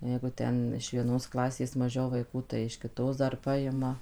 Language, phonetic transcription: Lithuanian, ˈjeigu ˈten iš vieˈnos ˈklasės maˈžiau vaiˈkų tai iš kiˈtos ˈdar ˈpajima

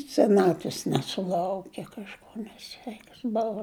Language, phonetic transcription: Lithuanian, seˈnatvis nesuˈlauke kažˈko neˈsveikas ˈbova

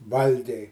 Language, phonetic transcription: Lithuanian, ˈvalgiai

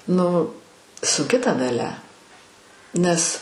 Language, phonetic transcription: Lithuanian, ˈnu sunˈki ta daˈlia ˈnes

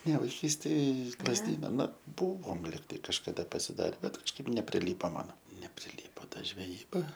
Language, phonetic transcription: Lithuanian, ne vaiˈkystėj iš lazˈdyna ˈnu ˈbuvom ˈligtai kažkaˈda pasiˈdare ˈbet kažˈkaip nepriˈlypo ˈmano nepriˈlypo ˈta žveˈjyba

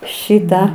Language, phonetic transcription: Lithuanian, ˈšitą

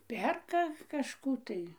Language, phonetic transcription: Lithuanian, ˈperka kažˈkų tai

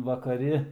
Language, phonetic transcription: Lithuanian, vakaˈri

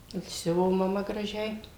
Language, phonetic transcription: Lithuanian, ir ˈsiuvo maˈma graˈžiai

